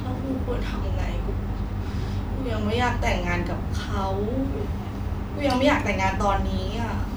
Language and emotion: Thai, sad